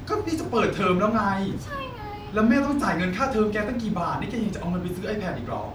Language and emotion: Thai, angry